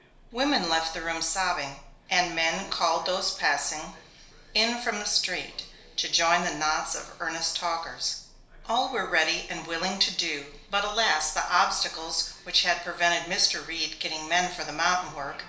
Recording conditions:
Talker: one person; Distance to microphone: 1.0 m; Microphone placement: close; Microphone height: 1.1 m; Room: small (3.7 m by 2.7 m); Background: television

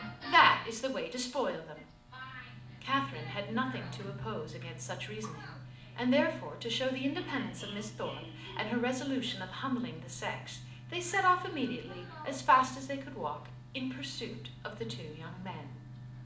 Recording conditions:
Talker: one person; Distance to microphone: 2.0 m; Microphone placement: close; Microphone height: 99 cm; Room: medium-sized (5.7 m by 4.0 m); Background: television

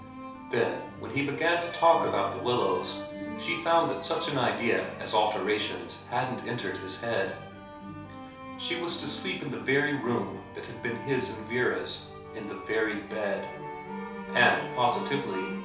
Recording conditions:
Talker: one person; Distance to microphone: 3.0 m; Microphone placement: far; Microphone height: 1.8 m; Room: small (3.7 m by 2.7 m); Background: music

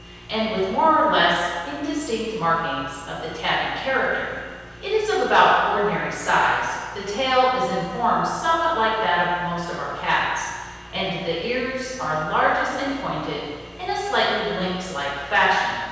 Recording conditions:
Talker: one person; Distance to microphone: 7.1 m; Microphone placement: far; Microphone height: 1.7 m; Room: very reverberant, large; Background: none

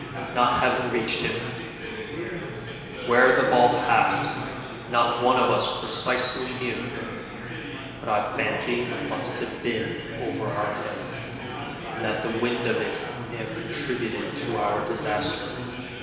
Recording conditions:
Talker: one person; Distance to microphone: 1.7 m; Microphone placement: close; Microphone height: 1.0 m; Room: very reverberant, large; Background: babble

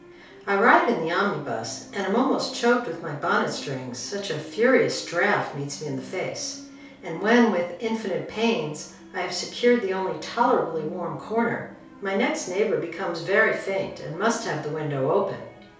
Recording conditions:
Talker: one person; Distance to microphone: 3.0 m; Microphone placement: far; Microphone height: 1.8 m; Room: small (3.7 m by 2.7 m); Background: television

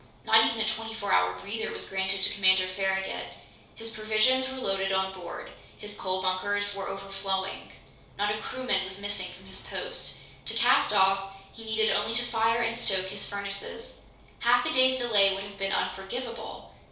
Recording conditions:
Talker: one person; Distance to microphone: 3.0 m; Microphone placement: far; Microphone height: 1.8 m; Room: small (3.7 m by 2.7 m); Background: none

